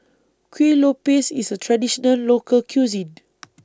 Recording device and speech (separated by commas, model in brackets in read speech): standing microphone (AKG C214), read sentence